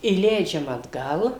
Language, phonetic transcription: Lithuanian, įˈleidžiam atˈgal

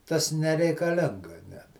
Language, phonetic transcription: Lithuanian, ˈtas nereikaˈlinga net

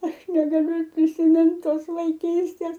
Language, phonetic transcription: Lithuanian, ˈaš negaˈliu ir prisiˈmint ˈtos vaiˈkystės

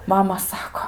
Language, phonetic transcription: Lithuanian, ˈmama ˈsako

